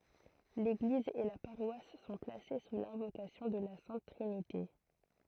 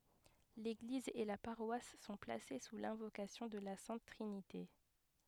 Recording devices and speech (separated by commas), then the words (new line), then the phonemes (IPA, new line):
throat microphone, headset microphone, read sentence
L'église et la paroisse sont placées sous l'invocation de la Sainte Trinité.
leɡliz e la paʁwas sɔ̃ plase su lɛ̃vokasjɔ̃ də la sɛ̃t tʁinite